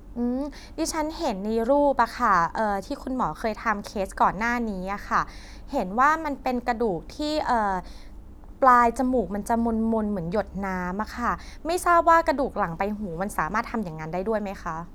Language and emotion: Thai, neutral